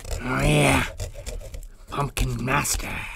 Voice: creepy voice